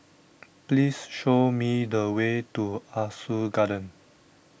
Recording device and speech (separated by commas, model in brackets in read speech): boundary microphone (BM630), read sentence